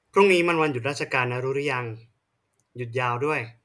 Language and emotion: Thai, neutral